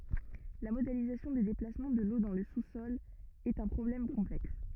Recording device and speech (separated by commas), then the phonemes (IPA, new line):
rigid in-ear microphone, read sentence
la modelizasjɔ̃ de deplasmɑ̃ də lo dɑ̃ lə susɔl ɛt œ̃ pʁɔblɛm kɔ̃plɛks